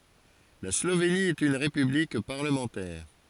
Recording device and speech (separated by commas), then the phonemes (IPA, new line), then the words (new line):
forehead accelerometer, read sentence
la sloveni ɛt yn ʁepyblik paʁləmɑ̃tɛʁ
La Slovénie est une république parlementaire.